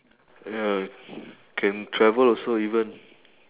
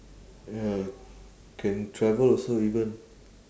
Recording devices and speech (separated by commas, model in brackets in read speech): telephone, standing microphone, conversation in separate rooms